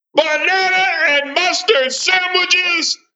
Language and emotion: English, angry